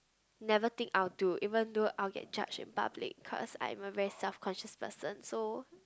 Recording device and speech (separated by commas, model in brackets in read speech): close-talking microphone, conversation in the same room